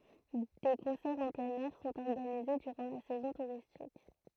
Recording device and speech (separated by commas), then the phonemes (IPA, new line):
throat microphone, read sentence
de kɔ̃sɛʁz ɑ̃ plɛ̃n ɛʁ sɔ̃t ɔʁɡanize dyʁɑ̃ la sɛzɔ̃ tuʁistik